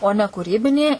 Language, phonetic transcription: Lithuanian, o ˈne kūˈrybinį

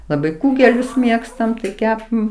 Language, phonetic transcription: Lithuanian, laˈbai ˈkūgelius ˈmėgstam tai ˈkepam

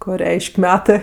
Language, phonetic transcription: Lithuanian, ˈko ˈreiš'k' ˈmetɜ

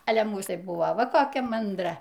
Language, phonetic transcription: Lithuanian, ˈale ˈmūs tai ˈbuvo ˈva koˈkia manˈdra

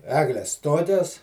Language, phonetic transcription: Lithuanian, ˈegles ˈtokias

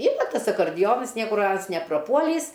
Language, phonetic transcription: Lithuanian, ˈyra ˈtas akarˈdijonas ˈniekur ˈans nepraˈpuolįs

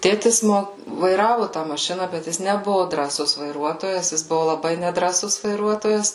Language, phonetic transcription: Lithuanian, ˈtėtis ˈmo vaiˈravu tą maˈšina bet ˈjis neˈbuvu drąˈsus vaiˈruotojas jis ˈbuvu laˈbai nedrąˈsus vaiˈruotojas

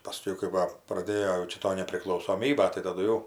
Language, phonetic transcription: Lithuanian, paˈskiau kai ˈva praˈdėjo jau ˈčia ˈto nepriklausoˈmyba tai taˈdu jau

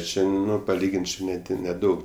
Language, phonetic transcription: Lithuanian, ˈčia ˈnu paˈlygin't' ˈči neˈdi neˈdaug

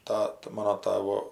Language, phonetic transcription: Lithuanian, ˈtata ˈmano ˈtavo

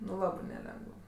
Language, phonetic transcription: Lithuanian, nu ˈlabɜ neˈlengəv

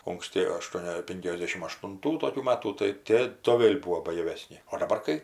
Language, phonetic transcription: Lithuanian, unksˈti aˈštuonia ˈpinkiasdešim aštunˈtų toˈkių ˈmatų tai ˈtė to ˈvėl' ˈbūo bajaˈvesni o daˈbar kai

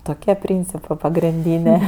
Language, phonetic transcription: Lithuanian, toˈkie ˈpryncipɜ pagrinˈdynė

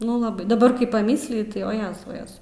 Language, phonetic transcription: Lithuanian, ˈnu laˈbai daˈbar kai paˈmysliju tai o ˈjezau ˈjezau

